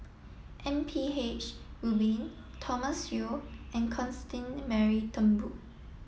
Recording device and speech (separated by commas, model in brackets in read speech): mobile phone (iPhone 7), read sentence